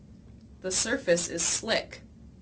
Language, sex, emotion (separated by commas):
English, female, neutral